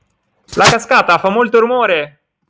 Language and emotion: Italian, surprised